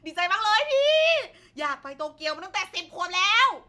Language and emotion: Thai, happy